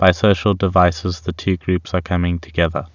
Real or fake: real